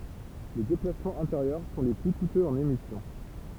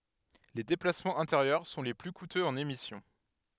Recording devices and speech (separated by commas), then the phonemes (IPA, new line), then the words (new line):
temple vibration pickup, headset microphone, read sentence
le deplasmɑ̃z ɛ̃teʁjœʁ sɔ̃ le ply kutøz ɑ̃n emisjɔ̃
Les déplacements intérieurs sont les plus coûteux en émission.